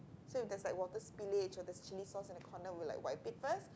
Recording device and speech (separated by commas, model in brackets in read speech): close-talking microphone, conversation in the same room